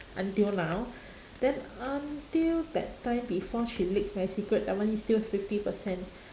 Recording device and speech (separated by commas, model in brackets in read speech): standing microphone, conversation in separate rooms